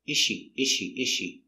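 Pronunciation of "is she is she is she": In 'is she', the two words are linked, and the s of 'is' is not heard.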